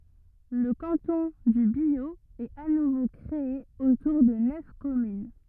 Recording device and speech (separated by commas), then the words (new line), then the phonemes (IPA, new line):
rigid in-ear microphone, read sentence
Le canton du Biot est à nouveau créé autour de neuf communes.
lə kɑ̃tɔ̃ dy bjo ɛt a nuvo kʁee otuʁ də nœf kɔmyn